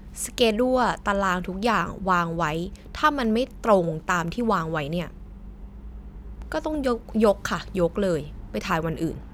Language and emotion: Thai, frustrated